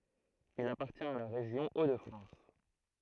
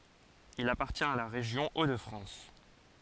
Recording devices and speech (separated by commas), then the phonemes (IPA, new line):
throat microphone, forehead accelerometer, read sentence
il apaʁtjɛ̃t a la ʁeʒjɔ̃ o də fʁɑ̃s